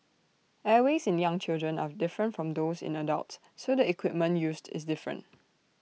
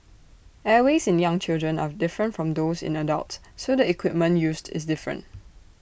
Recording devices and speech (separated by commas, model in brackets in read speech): mobile phone (iPhone 6), boundary microphone (BM630), read sentence